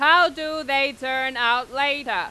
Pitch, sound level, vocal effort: 275 Hz, 103 dB SPL, very loud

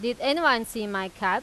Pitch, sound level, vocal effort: 225 Hz, 94 dB SPL, loud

